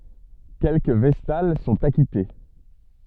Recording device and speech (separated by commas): soft in-ear microphone, read sentence